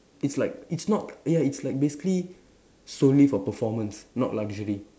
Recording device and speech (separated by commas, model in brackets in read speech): standing microphone, conversation in separate rooms